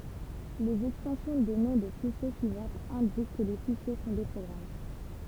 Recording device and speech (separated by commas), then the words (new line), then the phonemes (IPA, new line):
temple vibration pickup, read sentence
Les extensions de noms de fichiers suivantes indiquent que les fichiers sont des programmes.
lez ɛkstɑ̃sjɔ̃ də nɔ̃ də fiʃje syivɑ̃tz ɛ̃dik kə le fiʃje sɔ̃ de pʁɔɡʁam